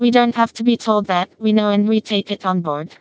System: TTS, vocoder